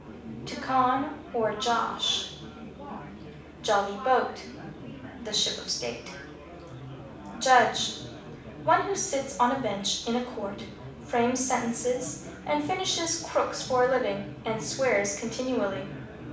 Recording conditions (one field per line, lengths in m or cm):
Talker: one person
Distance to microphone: 5.8 m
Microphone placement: far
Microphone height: 1.8 m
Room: medium-sized (5.7 m by 4.0 m)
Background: babble